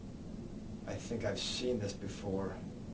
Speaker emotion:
neutral